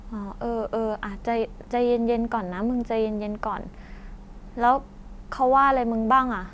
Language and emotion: Thai, frustrated